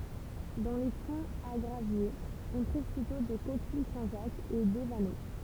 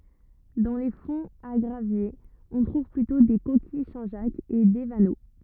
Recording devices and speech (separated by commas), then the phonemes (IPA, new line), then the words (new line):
temple vibration pickup, rigid in-ear microphone, read sentence
dɑ̃ le fɔ̃z a ɡʁavjez ɔ̃ tʁuv plytɔ̃ de kokij sɛ̃ ʒak e de vano
Dans les fonds à graviers, on trouve plutôt des coquilles Saint-Jacques et des vanneaux.